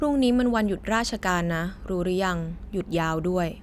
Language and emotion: Thai, neutral